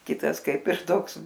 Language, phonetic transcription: Lithuanian, ˈkitas ˈkaip ir ˈtoks

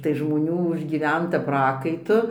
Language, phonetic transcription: Lithuanian, tai žmoˈnių užgyˈventa ˈprakaitu

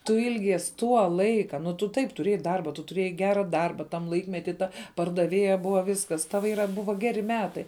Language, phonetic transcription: Lithuanian, tu ˈilgies ˈtuo ˈlaika nu tu ˈtaip tuˈrėjai ˈdarba tu tuˈrėjai ˈgera ˈdarba tam ˈlaikmety ˈta pardaˈvėja ˈbuva ˈvyskas ˈtava ˈyra ˈbuva ˈgeri ˈmetai

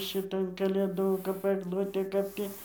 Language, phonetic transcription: Lithuanian, šiˈtan kalėˈdų kap agˈlutė ˈkap tį

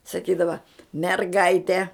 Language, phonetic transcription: Lithuanian, saˈkydava merˈgaite

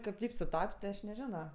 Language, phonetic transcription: Lithuanian, ˈkaip ˈtaip suˈtap't' ti ˈaš neˈžino

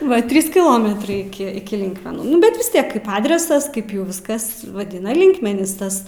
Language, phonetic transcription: Lithuanian, ˈva ˈtrys kiˈlometrai ˈiki iki ˈlinkmenų ˈnu bet vis ˈtiek ˈkaip ˈadresas ˈkaip jau ˈviskas vaˈdina ˈlinkmenys ˈtas

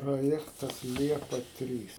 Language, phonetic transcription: Lithuanian, proˈjektas ˈliepa ˈtrys

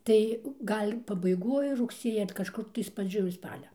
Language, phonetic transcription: Lithuanian, ˈtai ˈgal' pabaiˈgoj rugˈsieja ar kažˈkur tais praˈdžioj ˈspalia

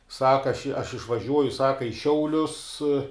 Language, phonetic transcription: Lithuanian, ˈsaka aš aš išvaˈžiuoju ˈsaka i ˈšiaulius

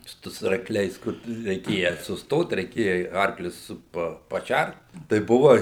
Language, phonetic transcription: Lithuanian, ˈtu su arkˈliais ˈkur tu reiˈkėja susˈtot reiˈkėja i ˈarklius ˈsu pa paˈšært tai ˈbuva

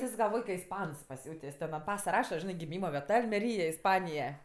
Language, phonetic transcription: Lithuanian, is galˈvoj ka isˈpans paˈsiūtės' ten ant ˈpasa ˈraša ˈžinɜ giˈmyma vieˈta almeˈryja isˈpanija

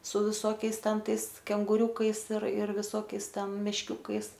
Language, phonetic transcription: Lithuanian, su viˈsokiais ˈten ˈtais kenguˈriūkais ir ir viˈsokiais ˈten mešˈkiūkais

